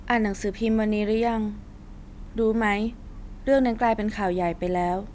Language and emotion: Thai, frustrated